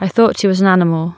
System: none